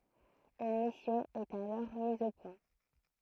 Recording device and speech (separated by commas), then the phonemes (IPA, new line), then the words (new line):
throat microphone, read sentence
yn misjɔ̃ ɛt alɔʁ miz o pwɛ̃
Une mission est alors mise au point.